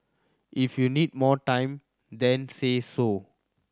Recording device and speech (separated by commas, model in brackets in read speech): standing microphone (AKG C214), read sentence